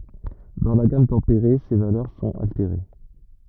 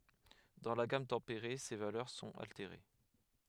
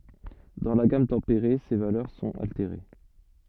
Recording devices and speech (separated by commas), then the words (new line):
rigid in-ear microphone, headset microphone, soft in-ear microphone, read sentence
Dans la gamme tempérée, ces valeurs sont altérées.